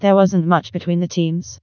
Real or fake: fake